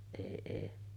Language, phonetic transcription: Finnish, èi èi .
- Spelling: ei ei

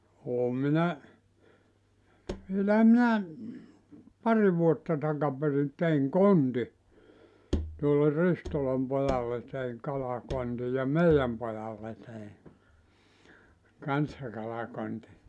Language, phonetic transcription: Finnish, 'oom 'minä , vielähä minä , 'pari vuotta 'takaperin 'teiŋ "konti , tuolle "Ristolam 'pojalle teiŋ 'kalakonti ja "meijäm 'pojalle tei , 'kanssa 'kalakonti .
- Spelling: olen minä vielähän minä pari vuotta takaperin tein kontin tuolle Ristolan pojalle tein kalakontin ja meidän pojalle tein kanssa kalakontin

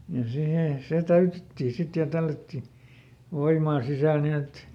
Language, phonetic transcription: Finnish, ja ˈsihè , ˈse "täytettii ˈsit ja ˈtällätti , ˈvoimaa ˈsisä̀l ˈnin ‿et ,.
- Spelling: ja siihen se täytettiin sitten ja tällättiin voimaa sisälle niin että

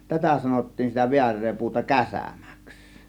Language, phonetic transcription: Finnish, tätä 'sanottiin sitä "viär̆ree 'puuta "käsä̀mÄks .
- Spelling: tätä sanottiin sitä väärää puuta käsämäksi

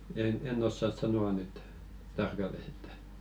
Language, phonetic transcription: Finnish, e- "en ossas 'sano₍a nyt , "tarkalles ‿että .
- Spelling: - en osaa sanoa nyt tarkalleen että

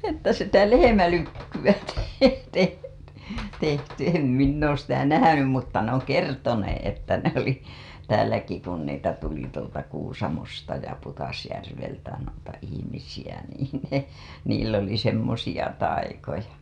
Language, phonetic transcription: Finnish, että sitä "lehemälykkyWä teh- , teht- , tehty em minn ‿oos sitä 'nähänym mutta ne ‿oŋ 'kertonee 'että ne ‿oli , 'tääläki kun niitä tuli tuolta Kuusamosta ja Putasjärveltä nuita 'ihimisij ä niin ne , niill ‿oli 'semmosiʲa taikoja .
- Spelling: että sitä lehmälykkyä - - tehty en minä ole sitä nähnyt mutta ne on kertoneet että ne oli täälläkin kun niitä tuli tuolta Kuusamosta ja Pudasjärveltä noita ihmisiä - niin ne niillä oli semmoisia taikoja

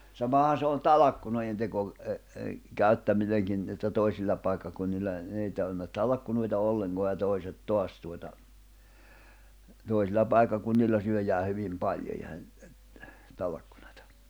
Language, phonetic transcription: Finnish, 'samahan̬ se on "talakkunoijenteko , ’ə ’ə , 'käyttämineŋkin , että 'toisil̜l̜a pai̬kkakunnil̜l̜a , n ‿ei (tarvinna) 'talakkunoita 'olleŋkoa ja 'toiset "toas tuota , toisil̜l̜a 'pai̬kkakunnil̜l̜a syöjää 'hyvim 'paljo (eihän) , 'tᵃlkkᴜɴᴀtᴀ .
- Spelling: samahan se on talkkunoidenteko - - käyttäminenkin että toisilla paikkakunnilla no ei tarvinnut talkkunoita ollenkaan ja toiset taas tuota toisilla paikkakunnilla syödään hyvin paljon eihän talkkunaa

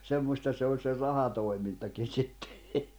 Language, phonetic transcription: Finnish, 'semmosta se oĺ se 'rahatòi̬mintakin̬ 'sittᴇ .
- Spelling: semmoista se oli se rahatoimintakin sitten

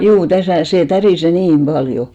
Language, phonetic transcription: Finnish, juu , 'täsä̀ sè 'tärìse "niim 'ʙaljo .
- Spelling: juu tässä se tärisee niin paljon

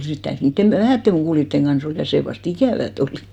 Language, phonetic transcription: Finnish, 'sit täyty 'niitte mᵘ- , 'vähätte mukùlitteŋ ɢan̬'s ‿ol , ja 'see vast "ikä̀vät ‿olÌ .
- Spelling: sitten täytyi niiden - vähien mukuloiden kanssa olla ja se vasta ikävää oli

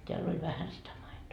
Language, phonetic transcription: Finnish, 'teäl ‿oĺ 'vähän sitä maitoo .
- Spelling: täällä oli vähän sitä maitoa

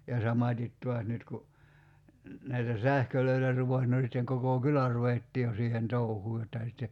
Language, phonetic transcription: Finnish, ja 'samat́it 'tuas nyt ku , näitä "sähkölöitä (rupes) no sitteŋ 'kokò "kylä ruvettii jo 'siihen "touhuu jottà sitte ,.
- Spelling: ja samaten taas nyt kun näitä sähköjä rupesi no sitten koko kylä ruvettiin jo siihen touhuun jotta sitten

